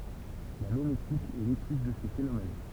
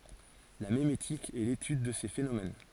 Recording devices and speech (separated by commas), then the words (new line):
temple vibration pickup, forehead accelerometer, read sentence
La mémétique est l'étude de ces phénomènes.